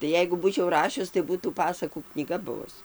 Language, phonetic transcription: Lithuanian, tai ˈjeigu ˈbūčiau ˈrašius tai ˈbūtų ˈpasakų knyˈga ˈbuvus

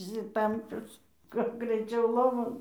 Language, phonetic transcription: Lithuanian, išsiˈtampius kad greiˈčiau ˈlovon

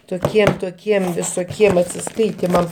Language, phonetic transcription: Lithuanian, toˈkiem toˈkiem visoˈkiem atsiˈskaitimam

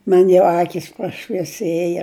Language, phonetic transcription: Lithuanian, ˈman' jau ˈakys prašvieˈsėja

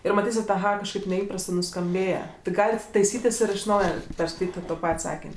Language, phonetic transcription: Lithuanian, ˈir maˈtysit aˈha kažˈkaip neˈįprastɜ nuskamˈbėja ti ˈgalit taiˈsytis ir iš ˈnauja perskaiˈtyt' i to ˈpat' ˈsakin'

